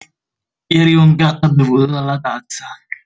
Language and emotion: Italian, neutral